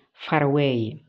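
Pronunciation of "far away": In 'far away', the r at the end of 'far' is pronounced as an r sound and links into the a of 'away'.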